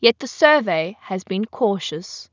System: none